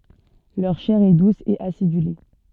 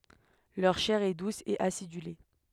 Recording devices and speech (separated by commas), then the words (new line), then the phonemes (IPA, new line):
soft in-ear microphone, headset microphone, read sentence
Leur chair est douce et acidulée.
lœʁ ʃɛʁ ɛ dus e asidyle